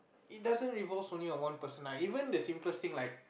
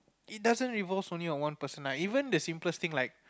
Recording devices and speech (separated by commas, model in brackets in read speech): boundary microphone, close-talking microphone, conversation in the same room